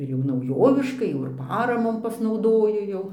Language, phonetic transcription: Lithuanian, ir jau nauˈjoviškai ˈjau ir ˈparamom pasnauˈdoju ˈjau

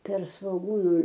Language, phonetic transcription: Lithuanian, per svoˈgūnu

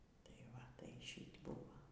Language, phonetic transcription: Lithuanian, tai ˈva ˈtai ˈšyt' ˈbūvo

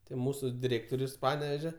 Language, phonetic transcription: Lithuanian, tai ˈmūsu diˈrėktorius ˈpaneveže

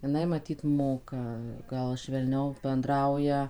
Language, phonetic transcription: Lithuanian, jiˈnai maˈtyt ˈmoka ˈgal švelˈniau benˈdrauja

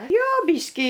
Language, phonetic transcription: Lithuanian, ˈjo ˈbyškį

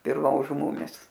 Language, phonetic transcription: Lithuanian, ir ˈva žu ˈmumis

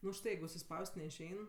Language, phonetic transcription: Lithuanian, nu užˈtai jeigu užsiˈspaus't' neišˈein

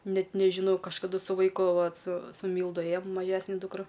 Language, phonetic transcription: Lithuanian, ˈnet nežiˈnau kažkaˈdu su vaiˈku ˈvat su su ˈmyldu ˈėjom maˈžesne dūkˈra

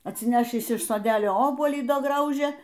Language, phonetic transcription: Lithuanian, atsiˈnešįs iš soˈdelio ˈobuolį ˈda ˈgraužė

